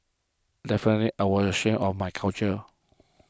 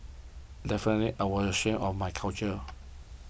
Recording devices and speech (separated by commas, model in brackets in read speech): close-talking microphone (WH20), boundary microphone (BM630), read sentence